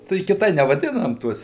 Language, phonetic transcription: Lithuanian, tai kiˈtai nevaˈdinam ˈtuos

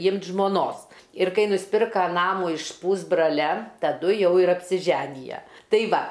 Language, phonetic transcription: Lithuanian, ˈymt žmoˈnos ir ˈkai nusˈpirka ˈnamų iš ˈpūsbralia taˈdu ˈjau ir apsiˈženije tai ˈva

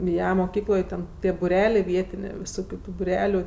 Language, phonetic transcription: Lithuanian, ˈja moˈkykloj ˈten ˈtie buˈrelia ˈvietinė viˈsokiu ˈtų buˈreliu

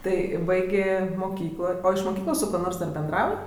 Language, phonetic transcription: Lithuanian, ˈtai ˈbaigė moˈkyklo o iš moˈkyklos su ˈkuo ˈnors ˈdar benˈdrauj

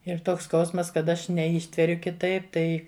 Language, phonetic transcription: Lithuanian, ir ˈtoks ˈskausmas kad ˈaš neˈyštveriu kiˈtaip ˈtai

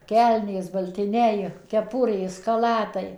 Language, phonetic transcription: Lithuanian, ˈkelnės baltiˈniai keˈpurės kaˈlatai

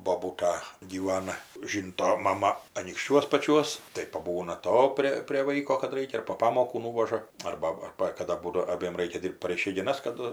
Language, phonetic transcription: Lithuanian, boˈbūta gyˈvana ˈžynto maˈma anykšˈčiuos paˈčiuos tai paˈbūna ˈto prė prė ˈvaiko kad ˈraikia ir po ˈpamokų ˈnūvaža ˈarba ˈarba kaˈda ˈbūdo aˈbiem ˈraikia ˈdyrbt par išeigiˈnas kaˈdu

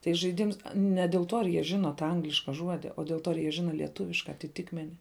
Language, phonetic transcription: Lithuanian, tai žaiˈdims ne del ˈtuo ar jie ˈžino tą ˈangliška ˈžuodi o del ˈtuo ar ˈjie ˈžina lieˈtuviška atiˈtikmeni

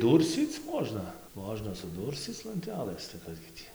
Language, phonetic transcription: Lithuanian, ˈdūrscyc ˈmožna ˈmožna suˈdūrscyc lanˈtelɘs tai ˈkas gi ˈtį

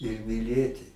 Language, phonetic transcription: Lithuanian, ir miˈlėti

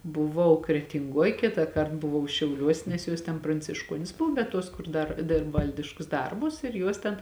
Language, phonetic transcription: Lithuanian, buˈvau kretinˈguoj ˈkitąˌkart buˈvau šiauˈliuos' nes ˈjos ten prancišˈkuonis ˈbuv bet ˈtuos ˈkur ˈdar ˈdirb ˈvaldiškus ˈdarbus ir ˈjuos ten

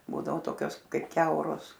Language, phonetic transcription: Lithuanian, ˈbūdavo ˈtokios ˈkaip ˈkiauros

